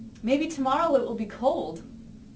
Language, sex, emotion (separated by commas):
English, female, happy